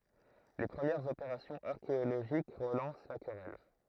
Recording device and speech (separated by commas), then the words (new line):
throat microphone, read sentence
Les premières opérations archéologiques relancent la querelle.